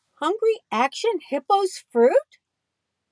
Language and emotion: English, neutral